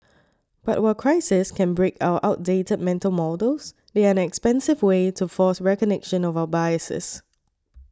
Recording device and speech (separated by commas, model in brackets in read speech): standing microphone (AKG C214), read sentence